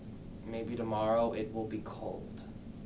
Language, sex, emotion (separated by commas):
English, male, neutral